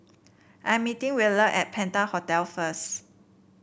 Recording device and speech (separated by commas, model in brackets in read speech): boundary microphone (BM630), read sentence